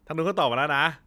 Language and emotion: Thai, happy